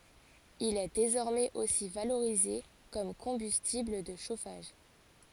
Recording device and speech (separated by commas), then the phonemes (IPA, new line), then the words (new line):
forehead accelerometer, read sentence
il ɛ dezɔʁmɛz osi valoʁize kɔm kɔ̃bystibl də ʃofaʒ
Il est désormais aussi valorisé comme combustible de chauffage.